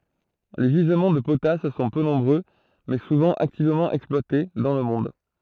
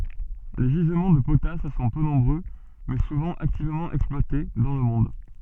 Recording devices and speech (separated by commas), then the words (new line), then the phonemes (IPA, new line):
throat microphone, soft in-ear microphone, read sentence
Les gisements de potasse sont peu nombreux, mais souvent activement exploités, dans le monde.
le ʒizmɑ̃ də potas sɔ̃ pø nɔ̃bʁø mɛ suvɑ̃ aktivmɑ̃ ɛksplwate dɑ̃ lə mɔ̃d